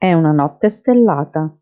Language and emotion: Italian, neutral